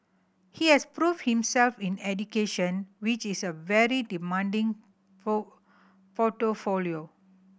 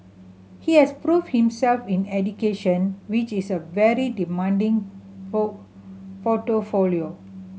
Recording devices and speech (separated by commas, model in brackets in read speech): boundary microphone (BM630), mobile phone (Samsung C7100), read sentence